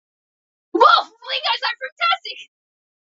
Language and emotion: English, surprised